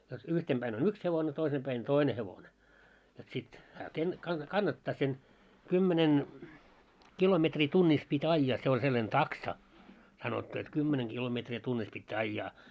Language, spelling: Finnish, jotta yhtenä päin on yksi hevonen toisin päin toinen hevonen jotta sitten hän - - kannattaa sen kymmenen kilometriä tunnissa piti ajaa se oli sellainen taksa sanottu että kymmenen kilometriä tunnissa pitää ajaa
- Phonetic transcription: jot 'yhtem 'ʙäin ‿on "yks hevone toisem ʙäin "toine hevone , jot sit , hää ken- , kan- "kannattaa sen , 'kymmenen , 'kilometrii 'tunnis pit́ 'aijjaa se oĺ sellan "taksa , sanottu et 'kymmeneŋ ɢilometri tunnis pittää 'aijjaa .

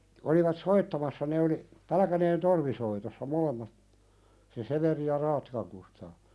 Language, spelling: Finnish, olivat soittamassa ne oli Pälkäneen torvisoitossa molemmat se Severi ja Raattikan Kustaa
- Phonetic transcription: olivat "soittamassa ne oli , "Pälᵃ̈käneen 'torvisoitossa molemmat , se "Severi ja 'Raattikaŋ Kustaa .

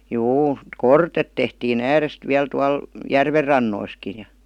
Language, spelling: Finnish, juu kortetta tehtiin ääresti vielä tuolla järvenrannoissakin ja
- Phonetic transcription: 'juu , "kortet tehtii'n ‿äärest viäl tual , 'järver'rannoiski ja .

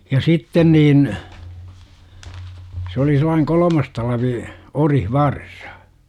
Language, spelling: Finnish, ja sitten niin se oli sellainen kolmannen talven orivarsa
- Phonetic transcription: ja "sitten niin , s ‿oli sel̆laiŋ "kolomas 'talvi , "orihvarsA .

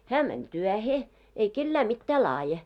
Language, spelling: Finnish, hän meni työhön ei kenelle mitään laadi
- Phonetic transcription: 'hä mäń "tyähe , ei 'kellä 'mittää "laaje .

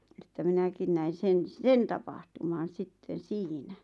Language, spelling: Finnish, että minäkin näin sen sen tapahtuman sitten siinä
- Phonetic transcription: että 'minäkin näin̬ "sen , "sen tapahtuman̬ 'sitten̬ "siinä .

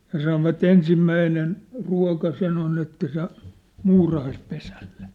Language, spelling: Finnish, ja sanoivat ensimmäinen ruoka sen on että se muurahaispesälle
- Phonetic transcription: ja sanova't ‿ensimmäinen , 'rua̭ka 'sen ‿on että se , 'muurahaispesälʟᴇ .

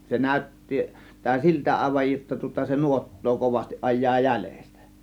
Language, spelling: Finnish, se näytti näyttää siltä aivan jotta tuota se nuottaa kovasti ajaa jäljestä
- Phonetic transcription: 'se "nä̀ö̇tti , -tää 'siltä àėvaj jotta tŭŏta se "nuot̀too 'kovastiˀ 'ˀaj̆jaa "jälEstÄ .

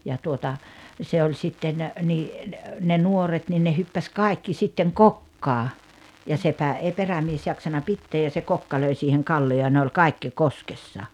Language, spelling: Finnish, ja tuota se oli sitten niin ne ne nuoret niin ne hyppäsi kaikki sitten kokkaan ja sepä ei perämies jaksanut pitää ja se kokka löi siihen kallioon ja ne oli kaikki koskessa
- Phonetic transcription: ja tuota , se oĺ 'sitten , nii , ne , ne 'nuoret nin ne 'hyppäs "kàikki sitteŋ "kokkaa , ja 'sepä èi 'perämies jaksana 'pitteej ja se 'kokka löi siiheŋ "kalli₍oo ja ne oĺ "kàikki "koskessa .

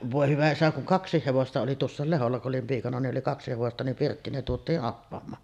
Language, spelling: Finnish, voi hyvä isä kun kaksi hevosta oli tuossa Lehdolla kun olin piikana niin oli kaksi hevosta niin pirttiin ne tuotiin appamaan
- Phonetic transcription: "vòe "hyvä 'isä kuŋ "kaks̆siih 'hevosta oli "tuossàel 'Leholla ku’ ’olim piikana ni’ ’oli "kaksi 'hevosta nim "pirttiin ne 'tuot̀ii’ ’appam̀aan .

